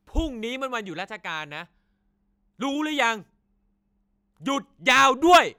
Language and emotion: Thai, angry